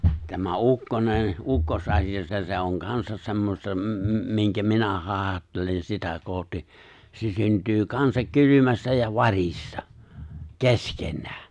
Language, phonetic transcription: Finnish, tämä 'ukkonen , 'ukkos’asi₍a 'se̬ se̬ oŋ 'kansas se̬mmosta m- m- miŋkä 'minä 'hài̬hattelen sitä 'kohti , se 'synt̀yy "kansak "kylymästä ja "var̀ista , "kesken̆nää .
- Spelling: tämä ukkonen ukkosasia se se on kanssa semmoista - - minkä minä haihattelen sitä kohti se syntyy kanssa kylmästä ja varista keskenään

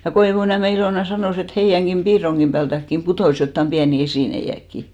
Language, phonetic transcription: Finnish, ja 'Koivuniäme Ilòna 'sanòs ‿et 'heijäŋɢim 'ʙiiroŋɢim ʙäältäkkim "putòs jottam 'ʙiäni 'esìneiʲäkki .
- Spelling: ja Koivuniemen Ilona sanoi että heidänkin piirongin päältäkin putosi jotakin pieniä esineitäkin

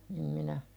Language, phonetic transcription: Finnish, em minä ,.
- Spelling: en minä

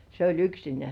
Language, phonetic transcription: Finnish, se oĺ 'yksinĕä̀ .
- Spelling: se oli yksinään

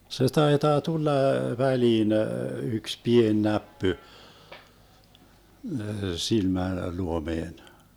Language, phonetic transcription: Finnish, se 'taitaa 'tulla , 'väliin , yks "pien 'näppy , 'silmä- , 'luomeen .
- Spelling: se taitaa tulla väliin yksi pieni näppy - silmäluomeen

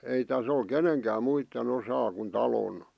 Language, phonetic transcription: Finnish, ei 'täs ‿ol "keneŋkääm 'muitte'n ‿osaa kun 'talon .
- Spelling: ei tässä ole kenenkään muiden osaa kuin talon

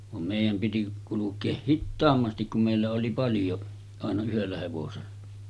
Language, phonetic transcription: Finnish, vam 'mèijäm piti kuluk̆keeh "hittaammastik kum mèillä oli 'paljo , àena yhellä hevosella .
- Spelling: vaan meidän piti kulkea hitaammasti kun meillä oli paljon aina yhdellä hevosella

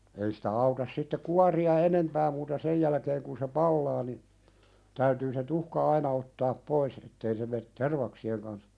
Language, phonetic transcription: Finnish, ei sitä 'autas sitte "kuari₍a "enempää muuta 'sej jälᵃ̈keeŋ kun se "pallaa ni , täytyy se 'tuhka "aina ottaap 'pois ettei se met "tervaksi₍eŋ kans ,.
- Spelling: ei sitä auta sitten kuoria enempää muuta sen jälkeen kun se palaa niin täytyy se tuhka aina ottaa pois että ei se mene tervaksien kanssa

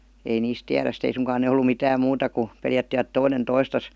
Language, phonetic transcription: Finnish, ei 'niis "tiäräs ste 'ei suŋkaan ne ollu "mitääm 'muuta ku , 'peljättivät "toinen 'toistas .
- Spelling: ei niistä tiedä sitten ei suinkaan ne ollut mitään muuta kuin pelättivät toinen toistaan

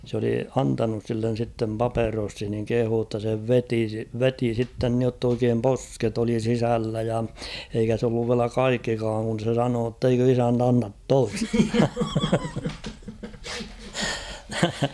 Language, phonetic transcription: Finnish, s ‿oli 'antanus sillen̬ sittem "paperossin niŋ 'kehuu ‿tta se 'veti , "veti sitten niott ‿oikeem "posket ‿oli 'sisällä ja , eikä s ‿olluv viälä "kaikkikaaŋ kun̬ se 'sanoo ‿tteikö 'isänt ‿annat 'toistᴀ ?
- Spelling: se oli antanut sille sitten paperossin niin kehui jotta se veti veti sitten niin jotta oikein posket oli sisällä ja eikä se ollut vielä kaikkikaan kun se sanoi että eikö isäntä anna toista

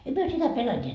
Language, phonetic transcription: Finnish, em 'myö sitä 'peläńńiet .
- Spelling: emme me sitä pelänneet

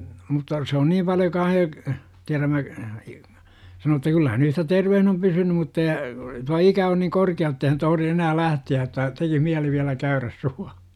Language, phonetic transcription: Finnish, mutta , se on 'niim paljo 'kaah jo , tiärämmä , sano että 'kyllä hän ‿yhtä "tervehn ‿om 'pysynym mutta ja , 'tua "ikä on niŋ 'korki₍a jottei hän toh°ri enää "lähti₍ä että , tekih miäli viälä "käyräs Sua- .
- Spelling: mutta se on niin paljon kanssa jo tiedämme sanoi että kyllä hän yhtä terveenä on pysynyt mutta ja tuo ikä on niin korkea jotta ei hän tohdi enää lähteä että teki mieli vielä käydä -

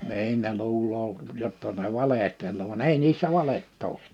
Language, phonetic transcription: Finnish, 'ni̬in ne 'luuloo , jotta ne 'valehtel̀oo van 'ei niissä 'valet't ‿oo .
- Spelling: niin ne luulee jotta ne valehtelee vaan ei niissä valetta ole

